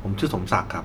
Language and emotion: Thai, neutral